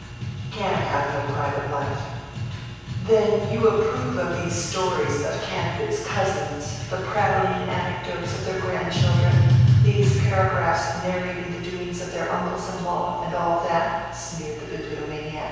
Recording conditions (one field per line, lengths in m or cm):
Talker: one person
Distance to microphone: 7.1 m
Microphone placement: far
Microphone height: 1.7 m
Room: very reverberant, large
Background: music